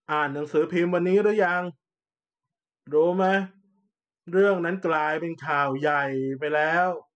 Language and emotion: Thai, frustrated